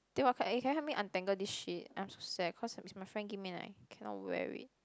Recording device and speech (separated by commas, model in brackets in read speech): close-talking microphone, conversation in the same room